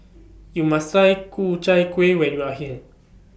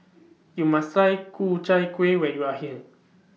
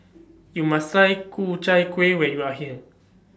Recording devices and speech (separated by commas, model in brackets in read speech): boundary microphone (BM630), mobile phone (iPhone 6), standing microphone (AKG C214), read sentence